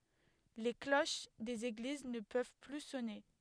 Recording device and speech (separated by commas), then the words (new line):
headset microphone, read sentence
Les cloches des églises ne peuvent plus sonner.